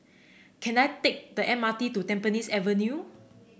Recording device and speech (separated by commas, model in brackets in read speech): boundary microphone (BM630), read sentence